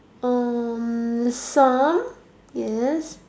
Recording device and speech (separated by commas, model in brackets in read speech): standing microphone, conversation in separate rooms